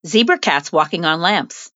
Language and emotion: English, fearful